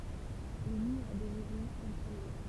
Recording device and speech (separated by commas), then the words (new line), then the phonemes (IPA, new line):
temple vibration pickup, read sentence
Les murs des maisons ont tremblé.
le myʁ de mɛzɔ̃z ɔ̃ tʁɑ̃ble